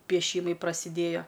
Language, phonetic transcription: Lithuanian, pieˈšymai prasiˈdėjo

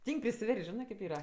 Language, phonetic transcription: Lithuanian, ˈtyng' prisiˈvers't' ˈžinɜ kėp ˈyra

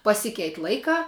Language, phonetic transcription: Lithuanian, paˈsikeit' ˈlaikā

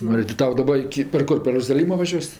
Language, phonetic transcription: Lithuanian, ˈnu i ti ˈtau daˈba iki per ˈkur per rozaˈlymo vaˈžiuos'

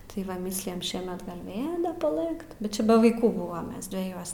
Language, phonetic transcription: Lithuanian, tai ˈva ˈmįslijam ˈšiemet gal' ˈvėl da paˈlɘkt bet ˈčia be vaiˈkų ˈbuvam ˈmes dveˈjuos

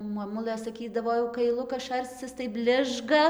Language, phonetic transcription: Lithuanian, moˈmulɘ saˈkydavo jau kaiˈlukas ˈšarcis tai ˈbližga

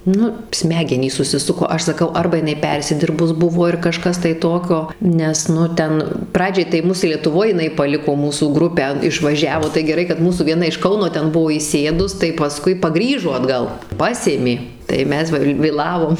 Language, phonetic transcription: Lithuanian, ˈnu ˈsmegenys susiˈsuko ˈaš saˈkau ˈarba jiˈnai ˈpersidirbus ˈbuvo ir kaˈžkas tai ˈtokio ˈnes ˈnu ˈten ˈpradžiai tai ˈmus lietuˈvoj jiˈnai paˈliko ˈmūsų ˈgrupę išˈvažiavo tai geˈrai kad ˈmūsų vieˈna iš ˈkauno ˈten ˈbuvo įˈsėdus tai paˈskui paˈgrįžo atˈgal ˈpasėmė tai ˈmes va vėˈlavom

